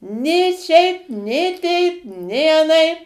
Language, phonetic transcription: Lithuanian, nė ˈšiaip nė ˈteip nė aˈnaip

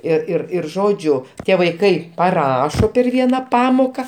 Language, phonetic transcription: Lithuanian, ir ir ir ˈžodžiu ˈtie vaiˈkai paˈrašo per ˈviena ˈpamoka

